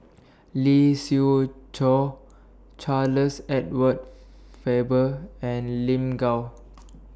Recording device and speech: standing microphone (AKG C214), read sentence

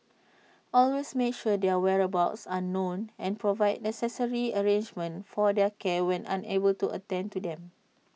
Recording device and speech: mobile phone (iPhone 6), read sentence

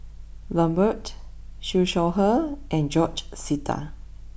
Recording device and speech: boundary microphone (BM630), read sentence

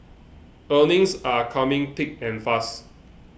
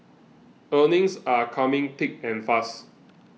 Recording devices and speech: boundary microphone (BM630), mobile phone (iPhone 6), read sentence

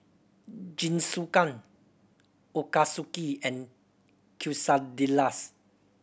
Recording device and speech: boundary microphone (BM630), read sentence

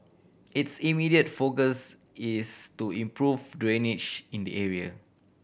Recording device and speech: boundary microphone (BM630), read sentence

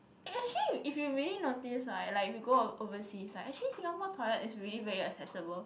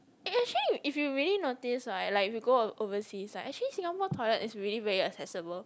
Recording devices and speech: boundary microphone, close-talking microphone, conversation in the same room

